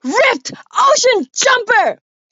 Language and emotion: English, angry